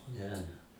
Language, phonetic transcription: Lithuanian, ˈne

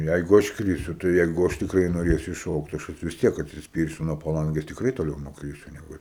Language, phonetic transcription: Lithuanian, ˈjeigu ˈaš ˈkrisiu tai ˈjeigu ˈaš tikˈrai noˈrėsiu išˈšokt tai ˈaš atˈsi vis ˈtiek atsisˈpyrsiu nuo paˈlangės tikˈrai toˈliau nukˈrysiu neˈgu

